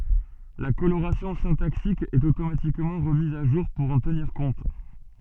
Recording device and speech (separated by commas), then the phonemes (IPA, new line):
soft in-ear microphone, read sentence
la koloʁasjɔ̃ sɛ̃taksik ɛt otomatikmɑ̃ ʁəmiz a ʒuʁ puʁ ɑ̃ təniʁ kɔ̃t